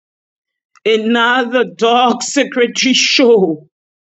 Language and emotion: English, fearful